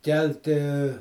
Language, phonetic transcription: Lithuanian, ˈkelti

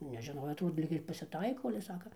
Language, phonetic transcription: Lithuanian, nežiˈnojo ˈtų ˈlyg ir pasiˈtaiko ale ˈsaka

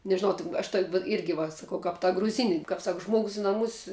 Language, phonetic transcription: Lithuanian, nežiˈnau tin aš tok' vat ˈirgi va saˈkau kap ta gruˈzini kap ˈsak ˈžmogus i naˈmus

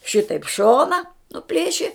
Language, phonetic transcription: Lithuanian, ˈšitaip ˈšona nuˈplėši

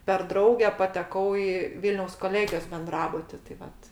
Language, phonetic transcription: Lithuanian, per ˈdrauge pateˈkau i ˈvilniaus koˈlėgijos benˈdrabuti tai ˈvat

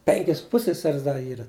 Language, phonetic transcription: Lithuanian, ˈpenkis ˈpusseseris ˈda ˈyra

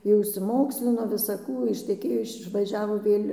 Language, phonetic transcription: Lithuanian, jau išsiˈmokslino visaˈkų išteˈkėjo iš išvaˈžiavo ˈvėl'

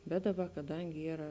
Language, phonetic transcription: Lithuanian, bet ˈdaˌba kaˈdangi ˈyra

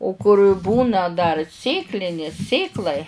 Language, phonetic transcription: Lithuanian, o kur' ˈbūna dar ˈsėklinės ˈsėklai

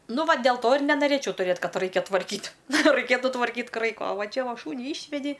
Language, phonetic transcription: Lithuanian, ˈnu ˈva del ˈto ir nenaˈrėčiau tuˈrėt ˈkad ˈraikia tvarˈkyt' raiˈkėtu tvarˈkyt' ˈkraiko o ˈva ˈčia ˈva ˈšūnį ˈišvedi

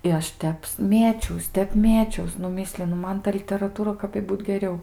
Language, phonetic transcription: Lithuanian, i ˈaš ˈteps ˈmėčiaus ˈtep ˈmėčiaus nu ˈmislinu ˈman ta literaˈtūra kap i ˈbūt geˈriau

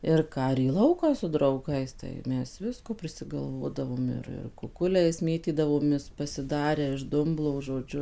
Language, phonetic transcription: Lithuanian, ir ˈką ir į ˈlauką su drauˈgais tai ˈmes ˈvisko prisigalˈvodavom ˈir ir kuˈkuliais ˈmėtydavomės pasiˈdarę iš ˈdumblo žoˈdžiu

